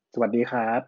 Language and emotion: Thai, neutral